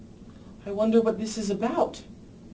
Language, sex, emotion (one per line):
English
male
fearful